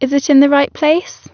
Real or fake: real